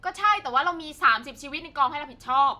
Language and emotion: Thai, angry